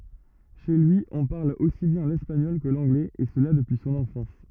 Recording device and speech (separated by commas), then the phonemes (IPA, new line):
rigid in-ear microphone, read sentence
ʃe lyi ɔ̃ paʁl osi bjɛ̃ lɛspaɲɔl kə lɑ̃ɡlɛz e səla dəpyi sɔ̃n ɑ̃fɑ̃s